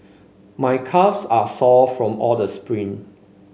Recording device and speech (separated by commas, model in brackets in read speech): mobile phone (Samsung C5), read sentence